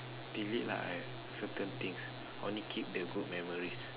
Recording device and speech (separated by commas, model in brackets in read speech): telephone, conversation in separate rooms